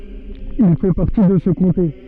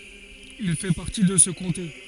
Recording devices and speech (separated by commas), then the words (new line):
soft in-ear microphone, forehead accelerometer, read sentence
Il fait partie de ce comté.